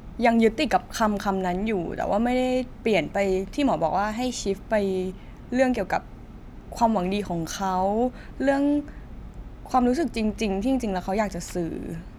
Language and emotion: Thai, sad